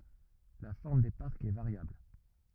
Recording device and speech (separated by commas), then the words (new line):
rigid in-ear microphone, read sentence
La forme des parcs est variable.